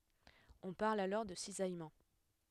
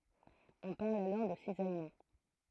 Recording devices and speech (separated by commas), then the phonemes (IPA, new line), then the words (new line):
headset microphone, throat microphone, read sentence
ɔ̃ paʁl alɔʁ də sizajmɑ̃
On parle alors de cisaillement.